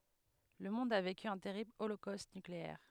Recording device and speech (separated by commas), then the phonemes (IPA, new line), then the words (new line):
headset microphone, read sentence
lə mɔ̃d a veky œ̃ tɛʁibl olokost nykleɛʁ
Le monde a vécu un terrible holocauste nucléaire.